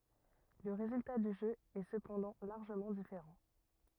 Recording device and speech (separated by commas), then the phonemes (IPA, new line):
rigid in-ear microphone, read sentence
lə ʁezylta dy ʒø ɛ səpɑ̃dɑ̃ laʁʒəmɑ̃ difeʁɑ̃